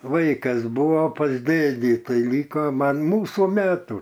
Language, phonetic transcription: Lithuanian, ˈvaikas ˈbūvo pas ˈdėdį ˈtai ˈlyko ˈman ˈmūsų ˈmetų

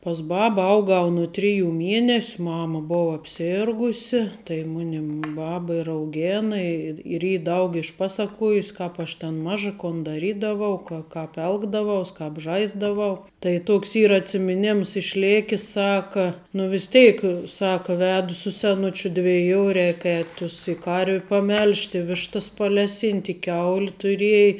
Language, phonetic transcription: Lithuanian, pas ˈbaba ˈaugau nu ˈtriˌjų ˈmienes' ˈmama ˈbova apˈsirgusi tai ˈmunim ˈbaba ir auˈgėna i ir ˈy ˈdaug išˈpasaˌkuojus ˈkap aš tan ˈmaža kon daˈrydavau ko ˈkap ˈelgdavaus ˈkap ˈžaisdavau tai ˈtoks ˈyra atsimiˈnims išˈlėkis ˈsaka nu vis ˈteik ˈsaka ˈvedu su seˈnučiu dviˈjų ˈreik ēt' tus i ˈkarviu paˈmelžt' i ˈvištas paˈleˌsynt' i ˈkiaul' tuˈriej

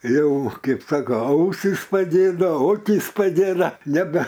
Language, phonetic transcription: Lithuanian, ˈjau ˈkaip ˈsako ˈausys paˈdėdo ˈokys paˈgėda neˈbe

